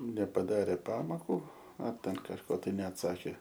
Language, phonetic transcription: Lithuanian, nepaˈdarė ˈpamoku ar ˈten kažˈko ˈtai neatˈsakė

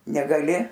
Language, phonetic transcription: Lithuanian, negaˈli

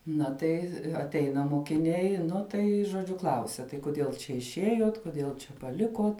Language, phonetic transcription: Lithuanian, ˈna tai atˈeina mokiˈniai ˈnu tai žoˈdžiu ˈklausia tai kuˈdiel čia išˈiejuot kuˈdiel čia paˈlikuot

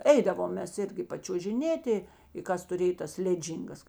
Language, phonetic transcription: Lithuanian, ˈeidavom ˈmes ˈirgi pačiuožiˈnėti i ˈkas tuˈrėj tas ˈleˌdžyngas

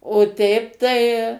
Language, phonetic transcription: Lithuanian, o ˈteip tai

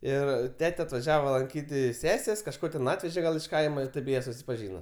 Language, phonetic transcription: Lithuanian, ˈir ˈtete atvaˈžiava ˈlankyt' ˈsesės' kažˈko ten ˈatveže gal iš ˈkaima ir ˈtėp ˈjie susipaˈžyna

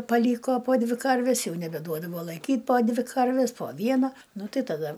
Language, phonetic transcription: Lithuanian, paˈlyko po ˈdvi ˈkarves ˈjau nebeˈduodavo laiˈkyt' po ˈdvi karvis po ˈviena ˈnu ˈtai taˈda

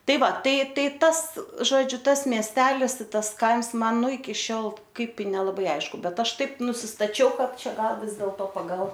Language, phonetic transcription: Lithuanian, ˈtai ˈva ˈtai ˈtai ˈtas ˈžodžiu ˈtas miesˈtelis i ˈtas ˈkaims ˈman ˈnu iki ˈšiol ˈkaip i nelaˈbai ˈaišku ˈbet ˈaš ˈtaip nusistaˈčiau ˈkad ˈčia ˈgal ˈvis dėlto pagal

